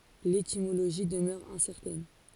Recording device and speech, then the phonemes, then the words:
forehead accelerometer, read sentence
letimoloʒi dəmœʁ ɛ̃sɛʁtɛn
L'étymologie demeure incertaine.

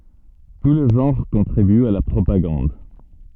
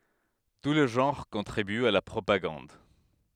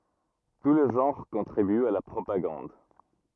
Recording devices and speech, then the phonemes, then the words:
soft in-ear microphone, headset microphone, rigid in-ear microphone, read sentence
tu le ʒɑ̃ʁ kɔ̃tʁibyt a la pʁopaɡɑ̃d
Tous les genres contribuent à la propagande.

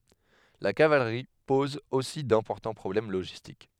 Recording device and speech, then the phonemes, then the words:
headset microphone, read sentence
la kavalʁi pɔz osi dɛ̃pɔʁtɑ̃ pʁɔblɛm loʒistik
La cavalerie pose aussi d'importants problèmes logistiques.

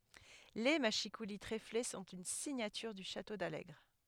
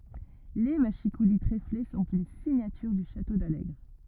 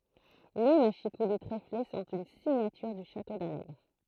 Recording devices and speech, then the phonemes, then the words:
headset microphone, rigid in-ear microphone, throat microphone, read sentence
le maʃikuli tʁefle sɔ̃t yn siɲatyʁ dy ʃato dalɛɡʁ
Les mâchicoulis tréflés sont une signature du château d’Allègre.

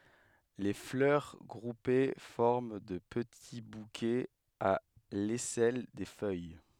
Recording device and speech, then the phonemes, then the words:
headset microphone, read sentence
le flœʁ ɡʁupe fɔʁm də pəti bukɛz a lɛsɛl de fœj
Les fleurs groupées forment de petits bouquets à l'aisselle des feuilles.

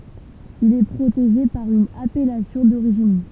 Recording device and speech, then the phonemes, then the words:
temple vibration pickup, read sentence
il ɛ pʁoteʒe paʁ yn apɛlasjɔ̃ doʁiʒin
Il est protégé par une appellation d'origine.

